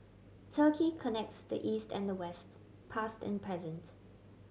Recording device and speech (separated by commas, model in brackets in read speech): mobile phone (Samsung C7100), read sentence